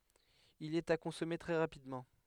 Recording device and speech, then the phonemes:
headset microphone, read sentence
il ɛt a kɔ̃sɔme tʁɛ ʁapidmɑ̃

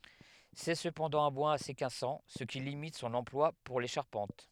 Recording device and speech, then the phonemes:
headset microphone, read sentence
sɛ səpɑ̃dɑ̃ œ̃ bwaz ase kasɑ̃ sə ki limit sɔ̃n ɑ̃plwa puʁ le ʃaʁpɑ̃t

